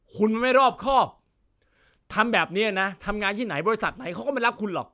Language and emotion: Thai, angry